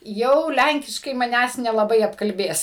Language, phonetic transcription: Lithuanian, ˈjau ˈlænkiškai maˈnęs nelaˈbai apkalˈbės

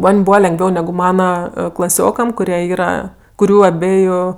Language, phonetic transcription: Lithuanian, ˈman' ˈbūva lengˈviau ˈnegu ˈmana klaˈsiokam kuˈrie ˈyra kuˈrių aˈbeju

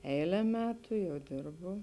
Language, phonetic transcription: Lithuanian, ˈeile ˈmetu ˈjau ˈdirbu

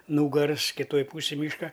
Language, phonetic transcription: Lithuanian, ˈnūgars kiˈtoj ˈpūsij ˈmyška

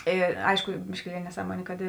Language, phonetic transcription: Lithuanian, ˈė ˈaišku biškiˈlieli neˈsaˌmuonė kad

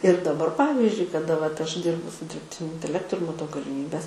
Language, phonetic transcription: Lithuanian, ir daˈbar ˈpavyzdžiui kaˈda vat ˈaš ˈdirbu su dirbˈtiniu inteˈlektu ir maˈtau galiˈmybes

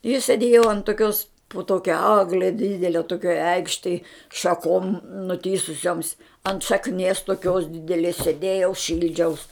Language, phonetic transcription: Lithuanian, i sėˈdėjo ant toˈkios po ˈtokia ˈagle ˈdydele toˈkioj ˈeikštej šaˈkom nuˈtįsusioms ant šakˈnies toˈkios dideˈlės sėˈdėjau ˈšildžiaus

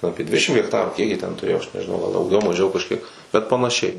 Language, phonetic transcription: Lithuanian, ˈapie ˈdvidešim hekˈtarų kiek jie ten tuˈrėjo aš nežiˈnau gal dauˈgiau maˈžiau kažˈkiek bet panaˈšiai

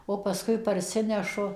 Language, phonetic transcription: Lithuanian, o pasˈkui parˈsinešu

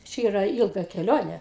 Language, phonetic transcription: Lithuanian, ˈčia ˈyra ˈilga keˈlione

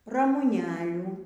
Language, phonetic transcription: Lithuanian, ramuˈnelių

